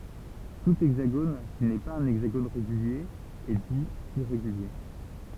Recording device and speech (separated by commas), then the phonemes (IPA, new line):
temple vibration pickup, read sentence
tu ɛɡzaɡon ki nɛ paz œ̃ ɛɡzaɡon ʁeɡylje ɛ di iʁeɡylje